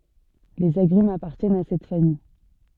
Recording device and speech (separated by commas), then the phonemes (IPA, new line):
soft in-ear microphone, read sentence
lez aɡʁymz apaʁtjɛnt a sɛt famij